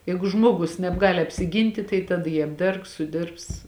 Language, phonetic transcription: Lithuanian, ˈjeigu ˈžmogus nebˈgali apsiˈgynti tai taˈda jį apˈdergs suˈdirbs

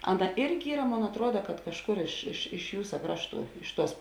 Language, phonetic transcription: Lithuanian, ˈaˌna ˈirgi ˈyra ˈmon atˈruoda kad kažˈkur iš iš iš ˈjūsa ˈkrašˌtų ˈiš ˌtuos

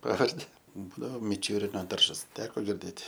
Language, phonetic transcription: Lithuanian, ˈpavardi ˈbūdavo miˈčiūrino ˈdaržas ˈteko girˈdėt'

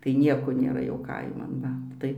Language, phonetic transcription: Lithuanian, tai ˈnieko nėˈra jau ˈkaiman ˈva ˈtai

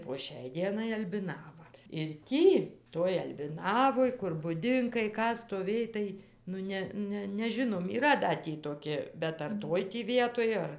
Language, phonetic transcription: Lithuanian, po ˈšiai ˈdienai albiˈnava ir ˈtį toj albiˈnavoj kur buˈdinkai ˈką stoˈvėj tai nu ˈne ˈne neˈžinom yˈra da ˈtį toˈki bet ar ˈtoj tį ˈvietoj ˈar

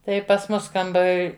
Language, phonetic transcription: Lithuanian, ˈtai pas ˈmus kamˈbar

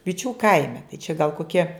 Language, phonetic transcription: Lithuanian, viˈčių ˈkaime tai čia gal koˈkie

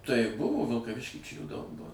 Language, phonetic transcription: Lithuanian, tai ˈbuvo vilkaˈvišky čia jų daug ˈbuo

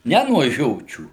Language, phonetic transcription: Lithuanian, ˈne nuo ˈžiočių

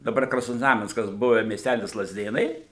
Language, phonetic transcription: Lithuanian, daˈbar krasnozˈnamenskas ˈbuve miesˈtælis lazˈdėnai

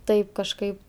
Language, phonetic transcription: Lithuanian, ˈtaip kažˈkaip

